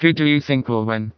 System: TTS, vocoder